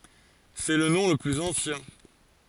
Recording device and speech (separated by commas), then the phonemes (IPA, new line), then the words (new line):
forehead accelerometer, read sentence
sɛ lə nɔ̃ lə plyz ɑ̃sjɛ̃
C'est le nom le plus ancien.